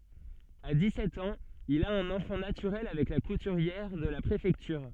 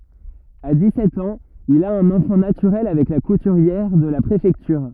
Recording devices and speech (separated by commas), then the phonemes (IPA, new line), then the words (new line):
soft in-ear microphone, rigid in-ear microphone, read sentence
a dikssɛt ɑ̃z il a œ̃n ɑ̃fɑ̃ natyʁɛl avɛk la kutyʁjɛʁ də la pʁefɛktyʁ
À dix-sept ans, il a un enfant naturel avec la couturière de la préfecture.